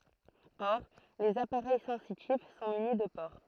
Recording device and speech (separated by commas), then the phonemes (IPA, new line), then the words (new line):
throat microphone, read sentence
ɔʁ lez apaʁɛj sɑ̃sitif sɔ̃ myni də poʁ
Or, les appareils sensitifs sont munis de pores.